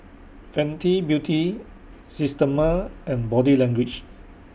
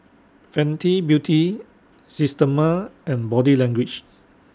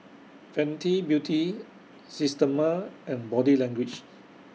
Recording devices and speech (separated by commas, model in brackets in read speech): boundary microphone (BM630), standing microphone (AKG C214), mobile phone (iPhone 6), read sentence